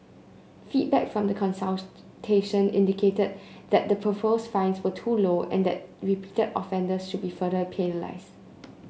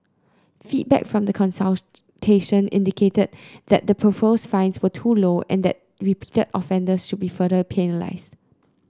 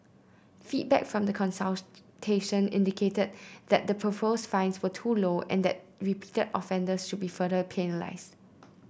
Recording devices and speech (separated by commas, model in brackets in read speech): mobile phone (Samsung C9), close-talking microphone (WH30), boundary microphone (BM630), read sentence